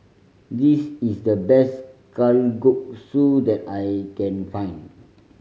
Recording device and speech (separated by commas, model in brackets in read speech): mobile phone (Samsung C5010), read sentence